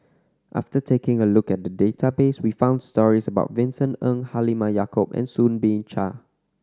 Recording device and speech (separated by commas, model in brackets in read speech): standing microphone (AKG C214), read sentence